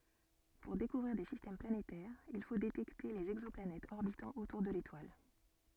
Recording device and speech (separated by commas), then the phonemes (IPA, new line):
soft in-ear microphone, read sentence
puʁ dekuvʁiʁ de sistɛm planetɛʁz il fo detɛkte lez ɛɡzɔplanɛtz ɔʁbitɑ̃ otuʁ də letwal